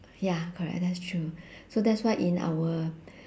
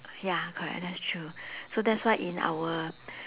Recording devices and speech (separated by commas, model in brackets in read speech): standing microphone, telephone, conversation in separate rooms